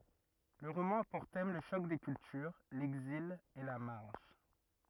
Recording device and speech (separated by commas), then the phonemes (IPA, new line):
rigid in-ear microphone, read sentence
lə ʁomɑ̃ a puʁ tɛm lə ʃɔk de kyltyʁ lɛɡzil e la maʁʒ